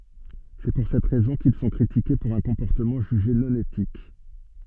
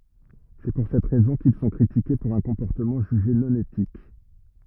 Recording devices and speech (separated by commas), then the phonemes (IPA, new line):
soft in-ear microphone, rigid in-ear microphone, read sentence
sɛ puʁ sɛt ʁɛzɔ̃ kil sɔ̃ kʁitike puʁ œ̃ kɔ̃pɔʁtəmɑ̃ ʒyʒe nɔ̃ etik